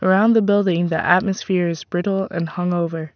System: none